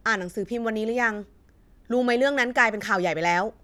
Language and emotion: Thai, neutral